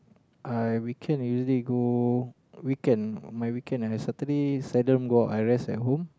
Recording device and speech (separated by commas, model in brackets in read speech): close-talking microphone, conversation in the same room